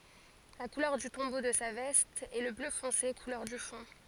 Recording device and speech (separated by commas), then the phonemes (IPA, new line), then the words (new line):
forehead accelerometer, read sentence
la kulœʁ dy tɔ̃bo də sa vɛst ɛ lə blø fɔ̃se kulœʁ dy fɔ̃
La couleur du tombeau de sa veste est le bleu foncé, couleur du fond.